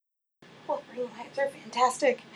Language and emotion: English, fearful